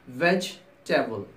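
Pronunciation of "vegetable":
'Vegetable' is pronounced with two syllables, as 'veg-table'.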